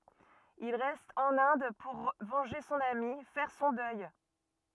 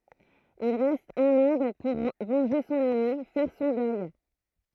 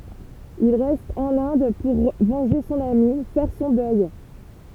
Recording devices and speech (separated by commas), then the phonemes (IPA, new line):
rigid in-ear microphone, throat microphone, temple vibration pickup, read sentence
il ʁɛst ɑ̃n ɛ̃d puʁ vɑ̃ʒe sɔ̃n ami fɛʁ sɔ̃ dœj